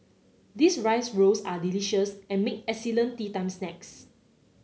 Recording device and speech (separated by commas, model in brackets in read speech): mobile phone (Samsung C9), read sentence